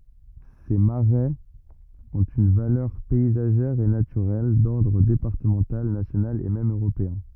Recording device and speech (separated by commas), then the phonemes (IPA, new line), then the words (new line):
rigid in-ear microphone, read sentence
se maʁɛz ɔ̃t yn valœʁ pɛizaʒɛʁ e natyʁɛl dɔʁdʁ depaʁtəmɑ̃tal nasjonal e mɛm øʁopeɛ̃
Ces marais ont une valeur paysagère et naturelle d'ordre départemental, national et même européen.